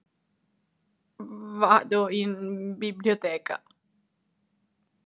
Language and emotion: Italian, fearful